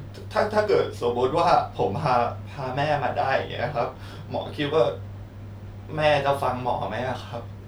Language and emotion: Thai, sad